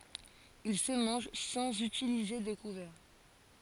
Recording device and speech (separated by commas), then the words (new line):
forehead accelerometer, read sentence
Il se mange sans utiliser de couverts.